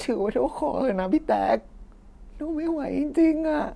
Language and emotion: Thai, sad